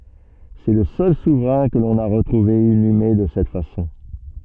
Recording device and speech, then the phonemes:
soft in-ear microphone, read sentence
sɛ lə sœl suvʁɛ̃ kə lɔ̃n a ʁətʁuve inyme də sɛt fasɔ̃

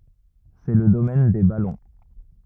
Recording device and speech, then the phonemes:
rigid in-ear microphone, read sentence
sɛ lə domɛn de balɔ̃

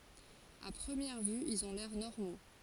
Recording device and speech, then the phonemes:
forehead accelerometer, read sentence
a pʁəmjɛʁ vy ilz ɔ̃ lɛʁ nɔʁmo

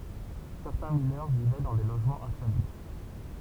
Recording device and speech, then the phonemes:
temple vibration pickup, read sentence
sɛʁtɛ̃ minœʁ vivɛ dɑ̃ de loʒmɑ̃z ɛ̃salybʁ

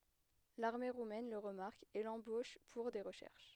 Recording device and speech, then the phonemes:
headset microphone, read sentence
laʁme ʁumɛn lə ʁəmaʁk e lɑ̃boʃ puʁ de ʁəʃɛʁʃ

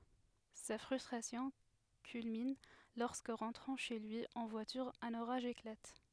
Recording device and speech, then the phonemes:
headset microphone, read sentence
sa fʁystʁasjɔ̃ kylmin lɔʁskə ʁɑ̃tʁɑ̃ ʃe lyi ɑ̃ vwatyʁ œ̃n oʁaʒ eklat

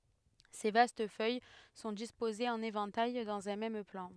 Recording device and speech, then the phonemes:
headset microphone, read sentence
se vast fœj sɔ̃ dispozez ɑ̃n evɑ̃taj dɑ̃z œ̃ mɛm plɑ̃

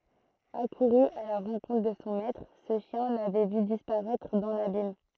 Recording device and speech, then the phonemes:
throat microphone, read sentence
akuʁy a la ʁɑ̃kɔ̃tʁ də sɔ̃ mɛtʁ sə ʃjɛ̃ lavɛ vy dispaʁɛtʁ dɑ̃ labim

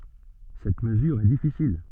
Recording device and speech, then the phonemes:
soft in-ear microphone, read sentence
sɛt məzyʁ ɛ difisil

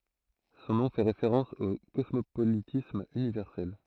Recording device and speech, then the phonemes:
throat microphone, read sentence
sɔ̃ nɔ̃ fɛ ʁefeʁɑ̃s o kɔsmopolitism ynivɛʁsɛl

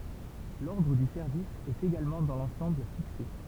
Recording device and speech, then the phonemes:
temple vibration pickup, read sentence
lɔʁdʁ dy sɛʁvis ɛt eɡalmɑ̃ dɑ̃ lɑ̃sɑ̃bl fikse

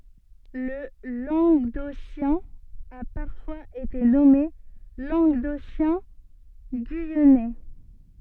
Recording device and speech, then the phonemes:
soft in-ear microphone, read sentence
lə lɑ̃ɡdosjɛ̃ a paʁfwaz ete nɔme lɑ̃ɡdosjɛ̃ɡyijɛnɛ

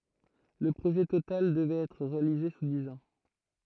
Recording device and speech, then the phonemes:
throat microphone, read sentence
lə pʁoʒɛ total dəvʁɛt ɛtʁ ʁealize su diz ɑ̃

